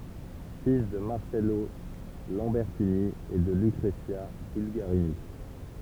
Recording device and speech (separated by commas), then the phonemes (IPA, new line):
temple vibration pickup, read sentence
fil də maʁsɛlo lɑ̃bɛʁtini e də lykʁəzja bylɡaʁini